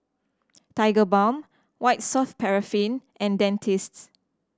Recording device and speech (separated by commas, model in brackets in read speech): standing microphone (AKG C214), read sentence